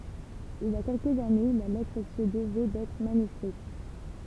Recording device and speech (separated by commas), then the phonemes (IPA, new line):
temple vibration pickup, read sentence
il i a kɛlkəz ane la lɛtʁ sə dəvɛ dɛtʁ manyskʁit